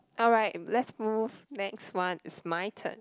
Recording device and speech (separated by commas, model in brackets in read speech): close-talking microphone, conversation in the same room